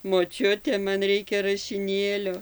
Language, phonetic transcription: Lithuanian, moˈčiute ˈman ˈreikia rašiˈnėlio

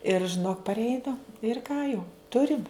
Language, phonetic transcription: Lithuanian, ir žiˈnok parˈeina ir ˈką jau ˈturim

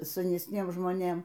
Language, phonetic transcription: Lithuanian, sanesˈniem žmoˈnėm

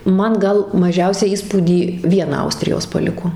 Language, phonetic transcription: Lithuanian, ˈman ˈgal maˈžiausią ˈįspūdį ˈviena ˈaustrijos paˈliko

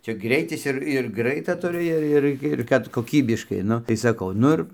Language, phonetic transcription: Lithuanian, ˈčia ˈgreitis ir ir ˈgraita tuˈri ˈir ˈir ir ˈkad koˈkybiškai ˈnu tai saˈkau ˈnu ir

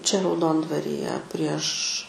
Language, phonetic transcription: Lithuanian, čia rauˈdondvarije prieš

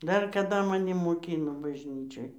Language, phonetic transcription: Lithuanian, ˈdar kaˈda maˈni moˈkyno bažˈnyčioj

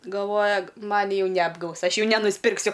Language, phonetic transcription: Lithuanian, galˈvoja ˈmani ˈjau neapˈgaus ˈaš ˈjau nenuspirkˈsiu

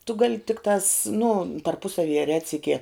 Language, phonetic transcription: Lithuanian, tu gal' ˈtiktās nu tarˈpusavyje ˈretsikie

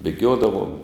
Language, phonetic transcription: Lithuanian, bėˈgiodavom

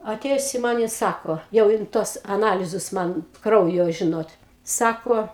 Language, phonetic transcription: Lithuanian, aˈtėjus i ˈman i ˈsako jau ˈjin ˈtuos aˈnalizus ˈman ˈkraujo ˈžinot ˈsako

